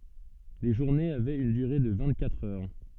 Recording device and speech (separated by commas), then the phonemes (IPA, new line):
soft in-ear microphone, read sentence
le ʒuʁnez avɛt yn dyʁe də vɛ̃t katʁ œʁ